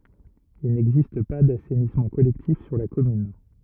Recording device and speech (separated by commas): rigid in-ear microphone, read sentence